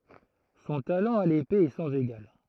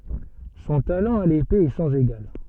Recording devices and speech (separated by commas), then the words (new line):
throat microphone, soft in-ear microphone, read sentence
Son talent à l'épée est sans égal.